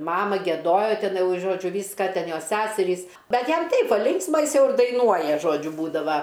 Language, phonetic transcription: Lithuanian, ˈmama gieˈdojo ˈten ˈjau ˈžodžiu ˈvyska ˈten ˈjos ˈsæserys ˈbet ˈjam ˈtaip ˈbua ˈlinksma ˈjis ˈjau ir daiˈnuoja ˈžodžiu ˈbūdava

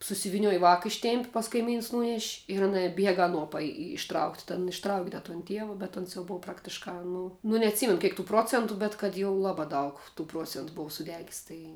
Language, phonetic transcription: Lithuanian, susiviˈnioj vāka ˈištėmp' pas kaiˈmyns ˈnūneš' ir aˈna ˈbiega aˈnuo paˈji išˈtraukt' ten išˈtrauk' da ton ˈtieva bet ˈons jau ˈbov ˈpraktiškā ˈnu nu neatˈsymenu ˈkėk tų ˈprocentu bet kad jau ˈlabā ˈdaug tų ˈpruocentu ˈbov suˈdegis tai

